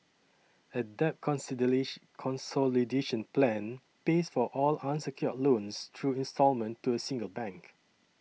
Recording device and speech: mobile phone (iPhone 6), read sentence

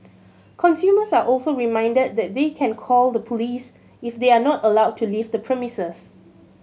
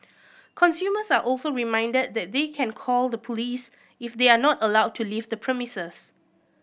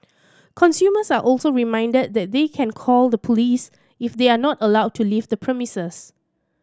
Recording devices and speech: mobile phone (Samsung C7100), boundary microphone (BM630), standing microphone (AKG C214), read sentence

